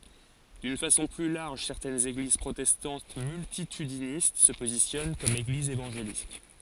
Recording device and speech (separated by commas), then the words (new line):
forehead accelerometer, read sentence
D’une façon plus large, certaines églises protestantes multitudinistes se positionnent comme églises évangéliques.